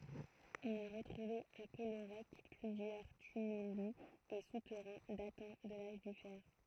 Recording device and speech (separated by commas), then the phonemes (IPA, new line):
throat microphone, read sentence
ɔ̃n a ʁətʁuve a kɔloʁɛk plyzjœʁ tymyli e sutɛʁɛ̃ datɑ̃ də laʒ dy fɛʁ